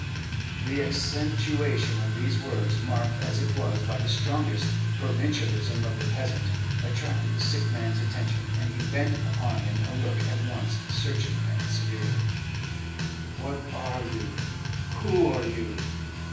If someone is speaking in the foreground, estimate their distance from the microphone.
9.8 m.